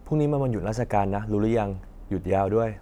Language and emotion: Thai, neutral